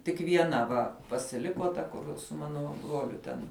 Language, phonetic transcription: Lithuanian, tik vieˈna ˈva pasiˈliko ˈta kur su ˈmano ˈbruoliu ten

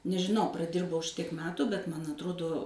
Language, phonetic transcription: Lithuanian, nežiˈnau praˈdirbau ˈšitiek ˈmetu bet ˈman atˈrodo

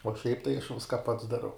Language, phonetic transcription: Lithuanian, uo šiaip tai aš ˈviska pats daˈrau

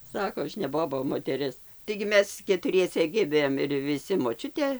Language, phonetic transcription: Lithuanian, ˈsako ˈaš ne ˈboba o moteˈris taigi ˈmes ketuˈriese ˈgimėm ir viˈsi moˈčiutė

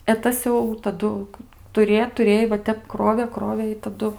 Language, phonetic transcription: Lithuanian, e ˈtas jau taˈdu tuˈrė tuˈrėj va ˈtep ˈkrovė ˈkrovė i taˈdu

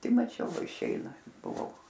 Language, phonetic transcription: Lithuanian, paˈti maˈčiau ˈva išˈeina buˈvau

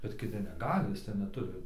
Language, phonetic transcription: Lithuanian, bet kiˈti neˈgali iˈsai neˈturi

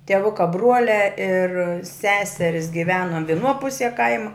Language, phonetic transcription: Lithuanian, tieˈvuka ˈbruoliā ir ˈseseris giˈveno viˈnuo ˈpusie ˈkaima

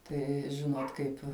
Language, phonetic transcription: Lithuanian, ˈtai ˈžinot ˈkaip

